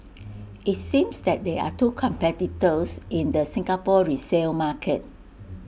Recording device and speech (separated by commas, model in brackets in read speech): boundary microphone (BM630), read sentence